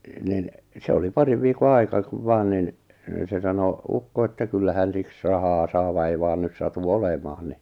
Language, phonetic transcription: Finnish, nin , 'se oli 'pariv viiko 'ai̬ka kuv 'vaan nin , se sano , 'ukko että kyllä hän 'siks rahaa saa va 'ei vaan 'nys satu 'olemaan ni .
- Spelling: niin se oli parin viikon aika kun vain niin se sanoi ukko että kyllä hän siksi rahaa saa vaan ei vain nyt satu olemaan niin

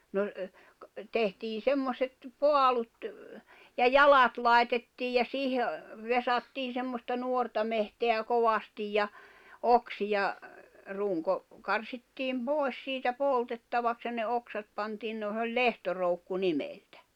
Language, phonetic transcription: Finnish, no , tehtii 'semmoset , 'poalut , ja "jalat lài̬tettiij ja 'siihe , vesattiin̬ semmosta 'nuorta mehteä 'kovastij ja , 'oksija , 'ruŋko , 'karsittiim pòi̬s siitä 'pòltettavaks ja ne 'oksat pantiin no se oĺ "lehtoroukku 'nimeltᴀ̈ .
- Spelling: no tehtiin semmoiset paalut ja jalat laitettiin ja siihen vesattiin semmoista nuorta metsää kovasti ja oksia runko karsittiin pois siitä poltettavaksi ja ne oksat pantiin no se oli lehtoroukku nimeltä

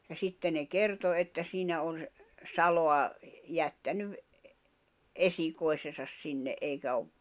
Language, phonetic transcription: Finnish, ja 'sitte ne "kerto että siinä on s- , 'saloa , 'jättänyv , '’esikoi̬sesas 'sinne , '’eikä ov ,.
- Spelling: ja sitten ne kertoi että siinä on - salaa jättänyt esikoisensa sinne eikä ole

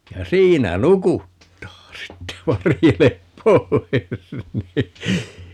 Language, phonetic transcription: Finnish, ja "siinä "nukuttaa 'sitte - 'varjelep "poi̮s ni !
- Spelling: ja siinä nukuttaa sitten varjele pois niin

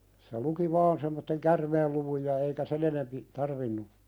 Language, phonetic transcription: Finnish, se luki 'vaan semmotteŋ "kärmeelluvuj ja eikä "sen ‿enempi , 'tarvinnu .
- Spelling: se luki vain semmoisen käärmeenluvun ja eikä sen enempi tarvinnut

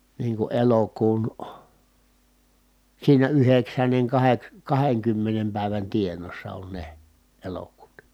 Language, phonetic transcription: Finnish, niiŋ ku elokuun , siinä yheksänneŋ kaheks- , kaheŋkymmenem pä̀i̮vän tieǹoossa on ne , elokuuta .
- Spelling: niin kun elokuun siinä yhdeksännen - kahdenkymmenen päivän tienoossa on ne elokuuta

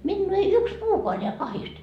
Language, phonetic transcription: Finnish, 'minnuu ei 'yks "puukoa neä 'kahist .
- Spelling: minua ei yksi puukaan näe kahdiste

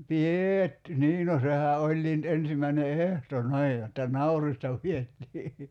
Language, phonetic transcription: Finnish, "pi₍eet- , "nii no sehä '’oĺĺii nʸt 'ensimäine "ehto 'ni̬ij jotta "naurista piettii .
- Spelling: - niin no sehän olikin nyt ensimmäinen ehto niin jotta naurista pidettiin

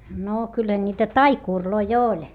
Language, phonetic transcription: Finnish, noo kyllä ńiitä taikùrloi oĺ .
- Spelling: no kyllä niitä taikureita oli

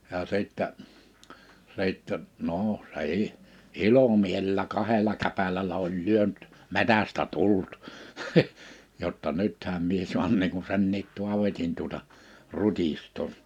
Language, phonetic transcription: Finnish, ja sittä , 'sìttɛ , 'no , 's ‿eì , "ilomielᵉllä 'kaheĺa 'käpälälä 'oĺ 'lyönt , 'metästä 'tullut , , jotta » 'nythäm mie 'suan niiŋ ku 'senniit 'Tu̬avetin tuᵒta , 'rutistoo « .
- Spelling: ja sitten sitten no se ei ilomielellä kahdella käpälällä oli lyönyt metsästä tullut jotta nythän minä saan niin kuin senkin Taavetin tuota rutistaa

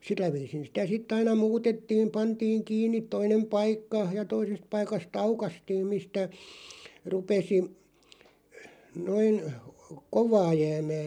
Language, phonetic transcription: Finnish, 'sillä viisin̬ sitä 'sit̆t ‿aina "muutettiiᵐ 'pantiiŋ "kiinniᵗ 'toinem "paikka , ja 'toisest paikas"t ‿aukastiim mistä , 'rupesi , 'noin , "kovaa 'jäämää .
- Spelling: sillä viisin sitä sitten aina muutettiin pantiin kiinni toinen paikka ja toisesta paikasta aukaistiin mistä rupesi noin kovaa jäämään

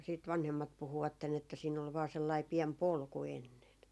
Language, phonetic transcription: Finnish, siit 'vanhemmat 'puhuvatten ‿että siin ol vaa 'sellai 'piɛm "polku 'ennen .
- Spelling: sitten vanhemmat puhuivat että siinä oli vain sellainen pieni polku ennen

